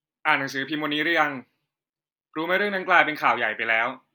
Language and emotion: Thai, frustrated